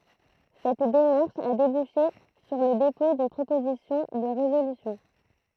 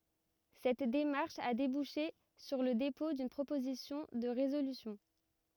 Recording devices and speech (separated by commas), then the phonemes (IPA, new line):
throat microphone, rigid in-ear microphone, read sentence
sɛt demaʁʃ a debuʃe syʁ lə depɔ̃ dyn pʁopozisjɔ̃ də ʁezolysjɔ̃